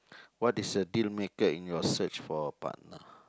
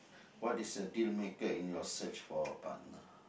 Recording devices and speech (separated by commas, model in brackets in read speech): close-talking microphone, boundary microphone, conversation in the same room